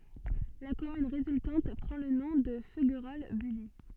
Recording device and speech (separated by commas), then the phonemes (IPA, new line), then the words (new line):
soft in-ear microphone, read sentence
la kɔmyn ʁezyltɑ̃t pʁɑ̃ lə nɔ̃ də føɡʁɔl byli
La commune résultante prend le nom de Feuguerolles-Bully.